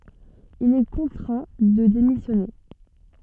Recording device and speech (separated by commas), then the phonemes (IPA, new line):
soft in-ear microphone, read sentence
il ɛ kɔ̃tʁɛ̃ də demisjɔne